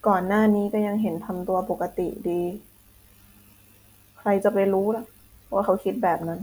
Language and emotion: Thai, frustrated